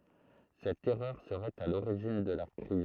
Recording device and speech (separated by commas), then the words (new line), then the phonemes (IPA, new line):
throat microphone, read sentence
Cette erreur serait à l'origine de la crise.
sɛt ɛʁœʁ səʁɛt a loʁiʒin də la kʁiz